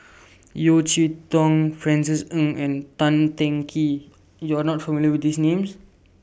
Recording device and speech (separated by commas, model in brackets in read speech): boundary microphone (BM630), read sentence